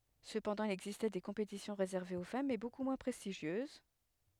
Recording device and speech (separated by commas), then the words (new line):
headset microphone, read sentence
Cependant, il existait des compétitions réservées aux femmes mais beaucoup moins prestigieuses.